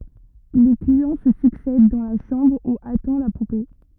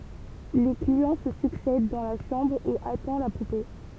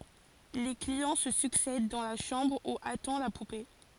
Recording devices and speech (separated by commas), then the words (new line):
rigid in-ear microphone, temple vibration pickup, forehead accelerometer, read sentence
Les clients se succèdent dans la chambre où attend la poupée.